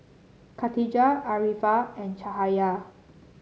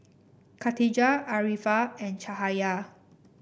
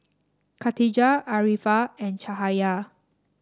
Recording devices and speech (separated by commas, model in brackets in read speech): mobile phone (Samsung C7), boundary microphone (BM630), standing microphone (AKG C214), read sentence